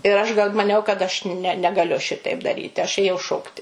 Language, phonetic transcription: Lithuanian, ir ˈaš gal maˈniau kad aš ne negaˈliu ˈšitaip daˈryti aš ˈėjau ˈšokti

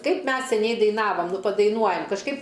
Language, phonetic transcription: Lithuanian, ˈkaip ˈmes seˈniai daiˈnavam ˈnu padaiˈnuojam kažˈkaip

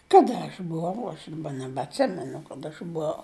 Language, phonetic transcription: Lithuanian, ˈkada aš buˈvau aš daˈba nebatˈsimenu kaˈda aš buˈau

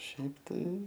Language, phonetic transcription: Lithuanian, ˈšiaip tai

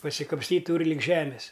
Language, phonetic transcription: Lithuanian, pasikapsˈtyt ˈtūri lig ˈžemis

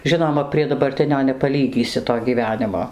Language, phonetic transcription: Lithuanian, ˈžinoma prie dabarˈtinio nepaˈlygysi to gyˈvenimo

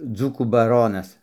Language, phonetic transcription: Lithuanian, ˈdzūkų baˈronas

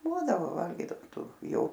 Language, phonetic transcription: Lithuanian, ˈbūdavo ˈvalgydavom ˈtų ˈjo

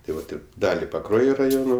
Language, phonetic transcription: Lithuanian, tai ˈvat ˈir ˈdali paˈkruojo raˈjono

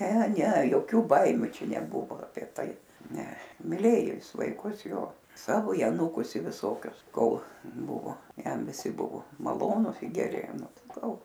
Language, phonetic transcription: Lithuanian, ne ne joˈkių ˈbaimiu ˈčia neˈbuvo aˈpie ˈtai ˈne miˈlėjo ˈjis vaiˈkus ˈjo ˈsavo i aˈnūkus i viˈsokius ˈkol ˈbuvo ˈjam viˈsi ˈbuvo maˈlonus i geˈri ˈnu ˈtai ˈgal

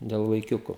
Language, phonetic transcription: Lithuanian, del vaiˈkiuku

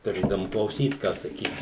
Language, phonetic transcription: Lithuanian, tuˈrėdavum klauˈsyt ką saˈkyt

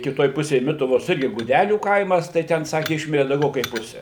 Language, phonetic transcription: Lithuanian, kiˈtoj ˈpusėj ˈmituvos ˈirgi guˈdelių ˈkaimas tai ˈten ˈsaki ˈišmiri dauˈgiau kaip ˈpuse

